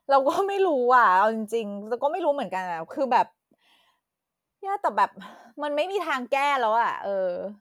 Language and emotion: Thai, frustrated